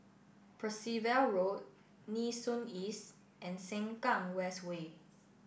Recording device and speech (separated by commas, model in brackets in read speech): boundary microphone (BM630), read sentence